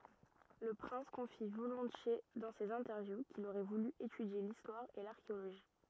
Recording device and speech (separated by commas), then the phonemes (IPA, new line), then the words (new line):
rigid in-ear microphone, read sentence
lə pʁɛ̃s kɔ̃fi volɔ̃tje dɑ̃ sez ɛ̃tɛʁvju kil oʁɛ vuly etydje listwaʁ e laʁkeoloʒi
Le prince confie volontiers dans ses interviews qu'il aurait voulu étudier l'histoire et l'archéologie.